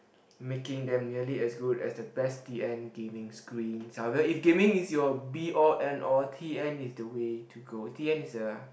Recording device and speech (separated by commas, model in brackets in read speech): boundary microphone, conversation in the same room